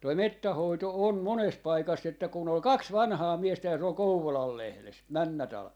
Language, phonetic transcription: Finnish, toi "mettäh̆ 'hoito on , 'mones 'paikas että kun ‿ol "kaks "vanhaa 'miestä ja se ‿ol "Kouvolal 'lehles , 'männä talven ,.
- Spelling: tuo metsän hoito on monessa paikassa että kun oli kaksi vanhaa miestä ja se oli Kouvolan lehdessä menneenä talvena

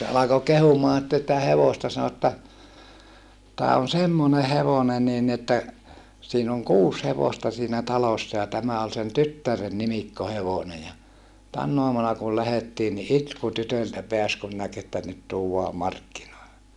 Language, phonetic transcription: Finnish, se alako kehumaa sⁱtte sitä hevosta sano että , » tää on semmone hevone niin ni että , siin ‿oŋ kuus hevosta siinä talossa ja tämä ol sen tyttären nimikkohevone ja , tänn ‿oamuna kul lähettii ni itku tytöltä peäs kun näk että nyt tuuwaa markkinoille » .
- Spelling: se alkoi kehumaan sitten sitä hevosta sanoi että tämä on semmoinen hevonen niin niin että siinä on kuusi hevosta siinä talossa ja tämä oli sen tyttären nimikkohevonen ja tänä aamuna kun lähdettiin niin itku tytöltä pääsi kun näki että nyt tuodaan markkinoille

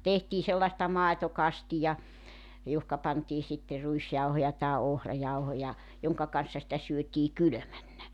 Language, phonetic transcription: Finnish, 'tehtii sellaᵉsta "màetokastija , 'johka pantii sitte 'ruisjauhoja tae 'ohrajauhoja , 'joŋka kan̬ssa sⁱtä 'syötii "kylᵒ̈männä .
- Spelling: tehtiin sellaista maitokastia johonka pantiin sitten ruisjauhoja tai ohrajauhoja jonka kanssa sitä syötiin kylmänä

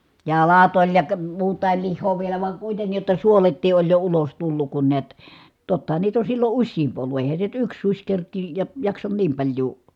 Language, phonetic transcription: Finnish, jalat oĺ ja kə- muut̀àil lih̆hoo vielä vaŋ kuitennij jotta suolettii ʼoĺ jo ulos tulluk kun niät , tottahan niit ‿on̬ sillo uśsiimp ollu ʼèi̮hän̬ se nyt yks suś kerk̆kiij ja jaksan niim paĺjuu ,.
- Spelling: jalat oli ja - muutakin lihaa vielä vaan kuitenkin jotta suoletkin oli jo ulos tullut kun näet tottahan niitä on silloin useampi ollut eihän se nyt yksi susi kerkiä ja jaksa niin paljoa

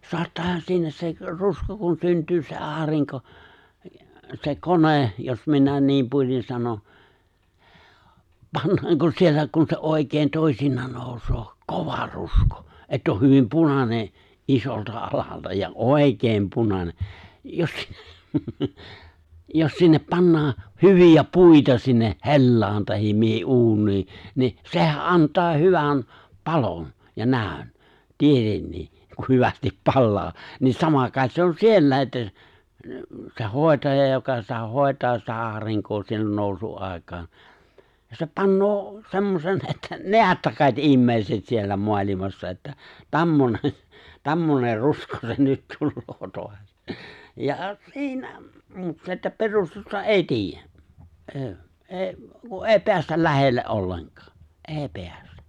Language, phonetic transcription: Finnish, 'soattaahan 'siinä sek , 'rusko kun 'synt̀yy se 'aariŋko , se "kone , jos minä 'niim puoĺin̬ 'sano , 'pannaaŋko 'siellä kun se '’òikeen 'tòi̬sin̆naan 'nòusoo , "kova 'ruskᴏ , ett ‿oh 'hyvim "punane , '’isolta 'alalta ja "òikeem 'punane , 'jos si- , 'jos sinnep 'pannaa , "hyvi₍ä "puita sinne , "he̬llaan tahim 'mihi '’uuǹii , ni , 'se̬hä '’ant̀aa 'hyvän , 'palon , ja 'nä̀ön , "tietennii , ku 'hyvästip "pallaa , niin 'sama kài̬t se on "siellä̀i̬ ’että , se 'hòetaja joka sitä 'hòetaa sitä 'aariŋkoo siellä 'nooᵘsu’ '’àekaan , se 'pannoo , 'se̬mmosen että "neättä ('kaite) '’immeiset siellä 'moalimassa että , "ta͕mmone , "ta͕mmoner̆ "rusko se "nyt 'tulloo 'toas , ja 'si̬inä , 'se että "perustusta "’èi 'ti̬ij̆jä , '’e̬e̬ , '’e̬e̬ⁱ , ku’ "’e̬e̬ⁱ 'peästäl "lähelle’ '’olleŋk̀ᴀᴀ , 'eeⁱ 'peästᴀ̈ .
- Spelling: saattaahan siinä se rusko kun syntyy se aurinko se kone jos minä niin puolin sanon pannaanko siellä kun se oikein toisinaan nousee kova rusko että on hyvin punainen isolta alalta ja oikein punainen jos - jos sinne pannaan hyviä puita sinne hellaan tai mihin uuniin niin sehän antaa hyvän palon ja näön tietenkin kun hyvästi palaa niin sama kai se on siellä että se hoitaja joka sitä hoitaa sitä aurinkoa siellä nousun aikaan se panee semmoisen että näette kai te ihmiset siellä maailmassa että tämmöinen tämmöinen rusko se nyt tulee taas ja siinä se että perustusta ei tiedä ei ei kun ei päästä lähelle ollenkaan ei päästä

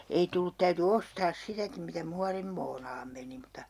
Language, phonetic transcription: Finnish, 'ei tullut täyty 'ostaas 'sitäkim mitä "muarimmoonaam meni mut̆ta ,.
- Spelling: ei tullut täytyi ostaa sitäkin mitä muorinmuonaan meni mutta

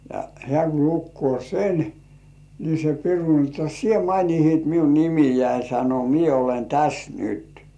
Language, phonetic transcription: Finnish, ja 'hĕä̀ ku 'lukkŭò "sen , ni se piru ni otta » "sie mainihit miu 'nimijäi « sano » 'mie olen "täs "nyt « .
- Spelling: ja hän kun lukee sen niin se piru niin jotta sinä mainitsit minun nimeäni sanoi minä olen tässä nyt

